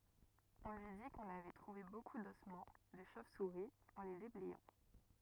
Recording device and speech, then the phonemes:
rigid in-ear microphone, read sentence
ɔ̃ lyi di kɔ̃n avɛ tʁuve boku dɔsmɑ̃ də ʃov suʁi ɑ̃ le deblɛjɑ̃

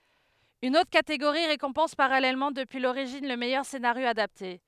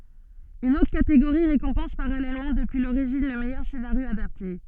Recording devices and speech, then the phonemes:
headset microphone, soft in-ear microphone, read sentence
yn otʁ kateɡoʁi ʁekɔ̃pɑ̃s paʁalɛlmɑ̃ dəpyi loʁiʒin lə mɛjœʁ senaʁjo adapte

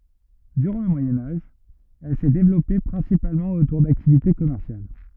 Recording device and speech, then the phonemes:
rigid in-ear microphone, read sentence
dyʁɑ̃ lə mwajɛ̃ aʒ ɛl sɛ devlɔpe pʁɛ̃sipalmɑ̃ otuʁ daktivite kɔmɛʁsjal

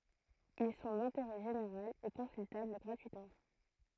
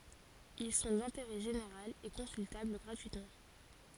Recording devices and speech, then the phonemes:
throat microphone, forehead accelerometer, read sentence
il sɔ̃ dɛ̃teʁɛ ʒeneʁal e kɔ̃syltabl ɡʁatyitmɑ̃

